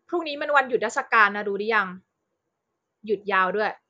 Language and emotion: Thai, frustrated